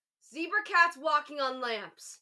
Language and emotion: English, angry